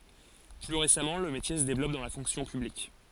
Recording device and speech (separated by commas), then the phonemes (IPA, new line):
forehead accelerometer, read sentence
ply ʁesamɑ̃ lə metje sə devlɔp dɑ̃ la fɔ̃ksjɔ̃ pyblik